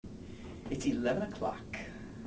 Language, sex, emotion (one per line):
English
male
happy